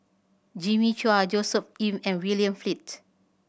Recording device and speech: boundary microphone (BM630), read sentence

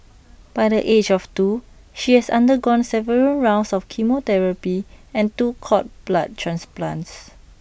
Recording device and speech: boundary microphone (BM630), read sentence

